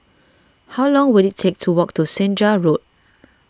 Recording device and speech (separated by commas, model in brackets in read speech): standing microphone (AKG C214), read sentence